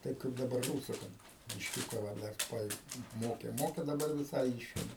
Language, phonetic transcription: Lithuanian, ˈtaip kaip daˈbar ˈrūsu ˈkad bišˈkiūka va ˈdar ˈva i ˈmokė ˈmokė daˈbar viˈsai ˈyšėme

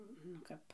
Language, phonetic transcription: Lithuanian, nu ˈkap

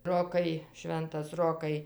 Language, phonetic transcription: Lithuanian, ˈrokai ˈšventas ˈrokai

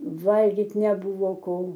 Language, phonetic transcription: Lithuanian, ˈvalgit' neˈbuvo ˈko

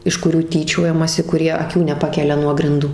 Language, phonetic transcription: Lithuanian, iš kuˈrių ˈtyčiojamasi kuˈrie aˈkių neˈpakelia nuo grinˈdų

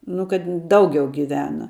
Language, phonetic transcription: Lithuanian, nu kad ˈdaugiau giˈvena

